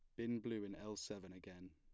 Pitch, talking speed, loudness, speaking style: 100 Hz, 235 wpm, -47 LUFS, plain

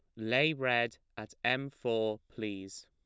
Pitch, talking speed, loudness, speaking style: 110 Hz, 135 wpm, -33 LUFS, plain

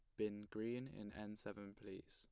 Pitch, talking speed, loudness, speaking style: 105 Hz, 190 wpm, -49 LUFS, plain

